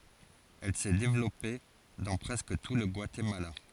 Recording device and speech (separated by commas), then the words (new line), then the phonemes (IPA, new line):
forehead accelerometer, read sentence
Elle s'est développée dans presque tout le Guatemala.
ɛl sɛ devlɔpe dɑ̃ pʁɛskə tu lə ɡwatemala